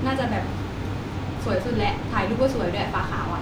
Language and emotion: Thai, happy